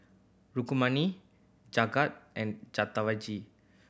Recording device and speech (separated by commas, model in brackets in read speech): boundary microphone (BM630), read sentence